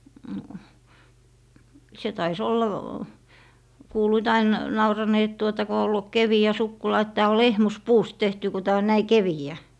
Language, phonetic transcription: Finnish, no , 'se tai's ‿olla , 'kuuluit ain , 'nauranee et tuota ko ollu "kevi₍ä 'sukkula et » tää o "lehmus"puust 'tehty , ku 'tää on 'näi "kevi₍ä » .
- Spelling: no se taisi olla kuuluivat aina nauraneen että tuota kun ollut keveä sukkula että tämä on lehmuspuusta tehty kun tämä on näin keveä

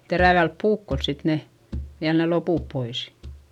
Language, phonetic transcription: Finnish, terävälp puukkols sit ne , viäl ne lopùp pois .
- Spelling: terävällä puukolla sitten ne vielä ne loput pois

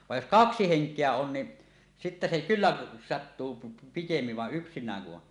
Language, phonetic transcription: Finnish, vaj jos "kaksi 'heŋk̀eä on ni , sittä se 'kylläˀ , sattuu pi- pikemmiv va’ '’yksin̆nääŋ ku ’on .
- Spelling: vaan jos kaksi henkeä on niin sitten se kyllä sattuu - pikemmin vaan yksinään kun on

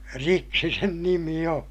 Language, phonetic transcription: Finnish, riksi sen nimi oo̰ .
- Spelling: riksi sen nimi on

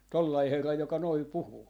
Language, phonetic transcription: Finnish, 'tollai 'herra joka noi 'puhuu .
- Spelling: tuollainen herra joka noin puhuu

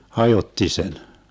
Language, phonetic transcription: Finnish, "hajotti 'sen .
- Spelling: hajotti sen

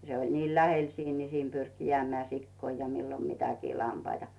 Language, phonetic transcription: Finnish, 'se oĺ niil "lähel 'siin ni siin 'pyrki jᵉä̀mᵉä̀ 'sikkoi ja millo 'mitäkii 'lampaitᴀ .
- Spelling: se oli niin lähellä siinä niin siinä pyrki jäämään sikoja ja milloin mitäkin lampaita

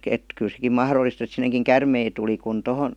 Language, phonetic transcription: Finnish, et , kyl sekim "mahrollist ‿et sineŋkiŋ "kärmei tuli kun 'tohon ,.
- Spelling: että kyllä sekin mahdollista että sinnekin käärmeitä tuli kun tuohon

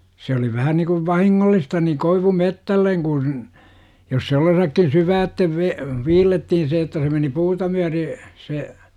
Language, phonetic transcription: Finnish, se oli 'vähä nikuv "vahiŋŋollista ni "koivu'mettälleŋ Gun , jos se 'ollesakkin "syyväättev ve- , 'viillettihin se että se meni 'puuta 'myäre , se ,.
- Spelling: se oli vähän niin kuin vahingollista niin koivumetsälle kun jos se ollensakin syvälle - viillettiin se että se meni puuta myöten se

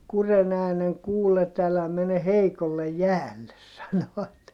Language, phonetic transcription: Finnish, kuren ‿ääneŋ kuullet älä mene heikollej jäälles » sano₍at .
- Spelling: kurjen äänen kuullet älä mene heikolle jäälle sanovat

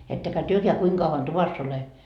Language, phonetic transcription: Finnish, » ettekä 'työkeä 'kuiŋ kauvan "tuvass ‿ole .
- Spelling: ettekä tekään kuinka kauan tuvassa ole

